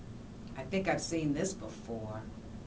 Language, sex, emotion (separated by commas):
English, female, disgusted